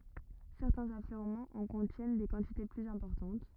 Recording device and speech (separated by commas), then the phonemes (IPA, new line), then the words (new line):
rigid in-ear microphone, read sentence
sɛʁtɛ̃z afløʁmɑ̃z ɑ̃ kɔ̃tjɛn de kɑ̃tite plyz ɛ̃pɔʁtɑ̃t
Certains affleurements en contiennent des quantités plus importantes.